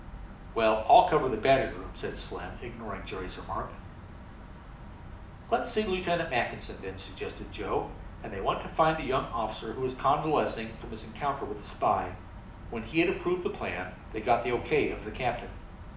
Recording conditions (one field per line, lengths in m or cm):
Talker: one person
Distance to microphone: 2.0 m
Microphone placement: close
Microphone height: 99 cm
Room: medium-sized (5.7 m by 4.0 m)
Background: none